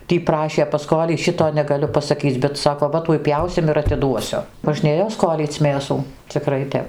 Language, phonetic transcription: Lithuanian, ˈtį ˈprašė paˈskoly ˈšito negaˈliu pasaˈkyc' bet ˈsako ˈva ˈtuoj ˈpjausim ir atiˈduosiu možˈnėjo ˈskolyc' ˈmėsų ciˈkrai ˈtep

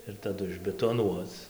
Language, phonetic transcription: Lithuanian, ir taˈdu išbetoˈnuoc

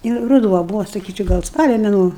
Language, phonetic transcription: Lithuanian, ir ruˈduo ˈbuvo saˈkyčiau ˈgal ˈspalio meˈnuo

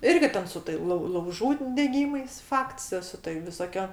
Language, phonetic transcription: Lithuanian, ˈirgi ˈten su tai lau lauˈžų deˈgymais ˈfakts jo su tai visoˈkio

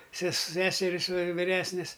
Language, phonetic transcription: Lithuanian, ses ˈseseris vir viˈresnis

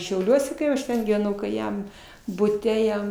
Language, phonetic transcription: Lithuanian, šiauˈliuose kai ˈaš ten gyveˈnau kai ˈjam buˈte ˈjam

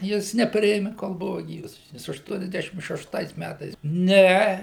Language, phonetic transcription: Lithuanian, ˈjis neˈpriėmi kol ˈbuva ˈgyvas ˈjis ašˌtuoniasˈdešim šešˈtais ˈmætais ˈne

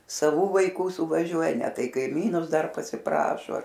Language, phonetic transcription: Lithuanian, saˈvų vaiˈkų suvaˈžiuoja ˈne ˈtai kaiˈmynus ˈdar pasiˈprašo

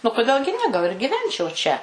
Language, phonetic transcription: Lithuanian, nu koˈdėl gi ne gal ir gyˈvenčiau čia

